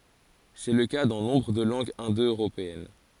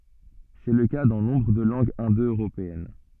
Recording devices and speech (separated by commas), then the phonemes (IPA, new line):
forehead accelerometer, soft in-ear microphone, read sentence
sɛ lə ka dɑ̃ nɔ̃bʁ də lɑ̃ɡz ɛ̃do øʁopeɛn